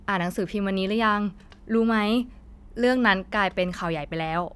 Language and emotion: Thai, neutral